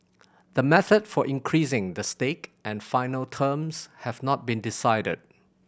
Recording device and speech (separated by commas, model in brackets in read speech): boundary microphone (BM630), read sentence